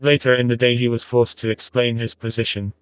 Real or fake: fake